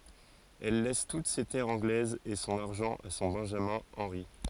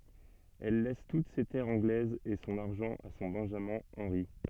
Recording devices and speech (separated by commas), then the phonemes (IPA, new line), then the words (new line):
forehead accelerometer, soft in-ear microphone, read sentence
ɛl lɛs tut se tɛʁz ɑ̃ɡlɛzz e sɔ̃n aʁʒɑ̃ a sɔ̃ bɛ̃ʒamɛ̃ ɑ̃ʁi
Elle laisse toutes ses terres anglaises et son argent à son benjamin Henri.